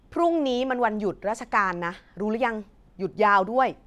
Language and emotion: Thai, frustrated